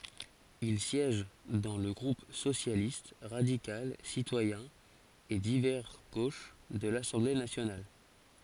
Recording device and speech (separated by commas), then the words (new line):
forehead accelerometer, read sentence
Il siège dans le groupe Socialiste, radical, citoyen et divers gauche de l'Assemblée nationale.